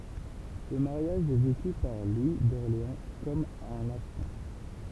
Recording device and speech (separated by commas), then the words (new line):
temple vibration pickup, read sentence
Ce mariage est vécu par Louis d'Orléans comme un affront.